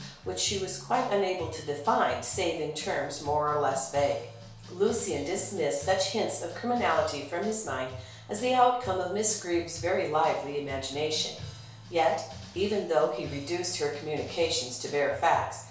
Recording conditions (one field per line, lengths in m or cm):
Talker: one person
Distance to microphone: 1.0 m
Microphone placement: close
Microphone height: 1.1 m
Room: small (3.7 m by 2.7 m)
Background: music